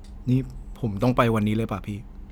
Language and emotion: Thai, neutral